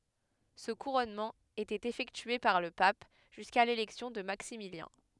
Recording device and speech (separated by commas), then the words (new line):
headset microphone, read sentence
Ce couronnement était effectué par le pape, jusqu'à l'élection de Maximilien.